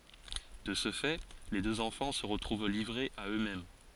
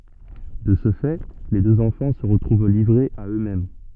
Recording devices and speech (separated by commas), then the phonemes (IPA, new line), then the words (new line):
forehead accelerometer, soft in-ear microphone, read sentence
də sə fɛ le døz ɑ̃fɑ̃ sə ʁətʁuv livʁez a ø mɛm
De ce fait, les deux enfants se retrouvent livrés à eux-mêmes.